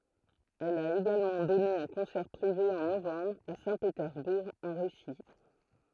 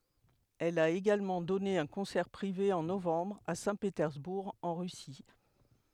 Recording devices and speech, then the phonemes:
throat microphone, headset microphone, read sentence
ɛl a eɡalmɑ̃ dɔne œ̃ kɔ̃sɛʁ pʁive ɑ̃ novɑ̃bʁ a sɛ̃petɛʁzbuʁ ɑ̃ ʁysi

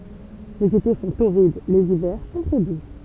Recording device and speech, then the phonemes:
temple vibration pickup, read sentence
lez ete sɔ̃ toʁid lez ivɛʁ sɔ̃ tʁɛ du

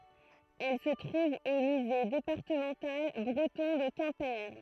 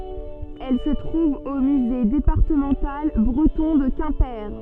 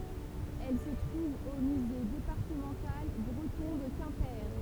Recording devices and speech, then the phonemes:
throat microphone, soft in-ear microphone, temple vibration pickup, read sentence
ɛl sə tʁuv o myze depaʁtəmɑ̃tal bʁətɔ̃ də kɛ̃pe

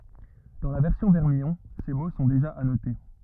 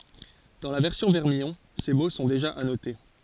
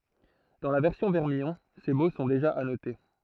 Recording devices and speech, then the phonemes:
rigid in-ear microphone, forehead accelerometer, throat microphone, read sentence
dɑ̃ la vɛʁsjɔ̃ vɛʁmijɔ̃ se mo sɔ̃ deʒa anote

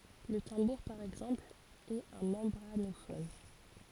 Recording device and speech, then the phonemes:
forehead accelerometer, read sentence
lə tɑ̃buʁ paʁ ɛɡzɑ̃pl ɛt œ̃ mɑ̃bʁanofɔn

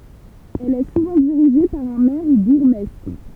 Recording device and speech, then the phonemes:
temple vibration pickup, read sentence
ɛl ɛ suvɑ̃ diʁiʒe paʁ œ̃ mɛʁ u buʁɡmɛstʁ

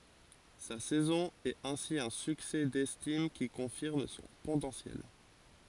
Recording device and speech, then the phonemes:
forehead accelerometer, read sentence
sa sɛzɔ̃ ɛt ɛ̃si œ̃ syksɛ dɛstim ki kɔ̃fiʁm sɔ̃ potɑ̃sjɛl

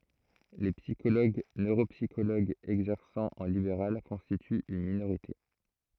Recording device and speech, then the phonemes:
throat microphone, read sentence
le psikoloɡ nøʁopsikoloɡz ɛɡzɛʁsɑ̃ ɑ̃ libeʁal kɔ̃stityt yn minoʁite

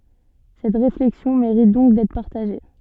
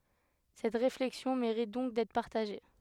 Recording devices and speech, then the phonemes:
soft in-ear microphone, headset microphone, read sentence
sɛt ʁeflɛksjɔ̃ meʁit dɔ̃k dɛtʁ paʁtaʒe

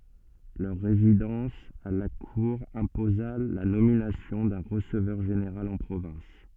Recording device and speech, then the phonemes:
soft in-ear microphone, read sentence
lœʁ ʁezidɑ̃s a la kuʁ ɛ̃poza la nominasjɔ̃ dœ̃ ʁəsəvœʁ ʒeneʁal ɑ̃ pʁovɛ̃s

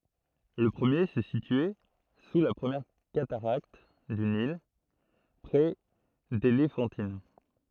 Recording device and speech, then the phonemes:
throat microphone, read sentence
lə pʁəmje sə sityɛ su la pʁəmjɛʁ kataʁakt dy nil pʁɛ delefɑ̃tin

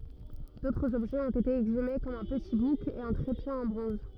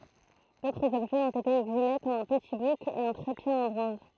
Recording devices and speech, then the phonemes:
rigid in-ear microphone, throat microphone, read sentence
dotʁz ɔbʒɛz ɔ̃t ete ɛɡzyme kɔm œ̃ pəti buk e œ̃ tʁepje ɑ̃ bʁɔ̃z

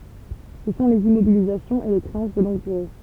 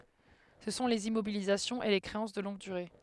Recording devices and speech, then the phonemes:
temple vibration pickup, headset microphone, read sentence
sə sɔ̃ lez immobilizasjɔ̃z e le kʁeɑ̃s də lɔ̃ɡ dyʁe

